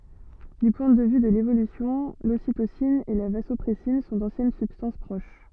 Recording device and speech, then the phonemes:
soft in-ear microphone, read sentence
dy pwɛ̃ də vy də levolysjɔ̃ lositosin e la vazɔpʁɛsin sɔ̃ dɑ̃sjɛn sybstɑ̃s pʁoʃ

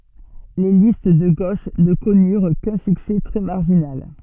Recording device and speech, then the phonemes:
soft in-ear microphone, read sentence
le list də ɡoʃ nə kɔnyʁ kœ̃ syksɛ tʁɛ maʁʒinal

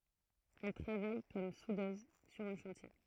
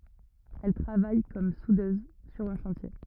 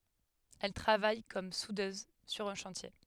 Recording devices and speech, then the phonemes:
throat microphone, rigid in-ear microphone, headset microphone, read sentence
ɛl tʁavaj kɔm sudøz syʁ œ̃ ʃɑ̃tje

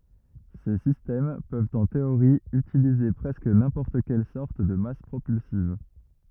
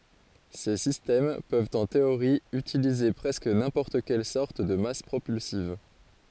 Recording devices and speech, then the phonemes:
rigid in-ear microphone, forehead accelerometer, read sentence
se sistɛm pøvt ɑ̃ teoʁi ytilize pʁɛskə nɛ̃pɔʁt kɛl sɔʁt də mas pʁopylsiv

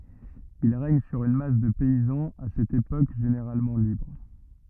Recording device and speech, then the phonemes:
rigid in-ear microphone, read sentence
il ʁɛɲ syʁ yn mas də pɛizɑ̃z a sɛt epok ʒeneʁalmɑ̃ libʁ

